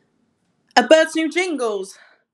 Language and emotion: English, surprised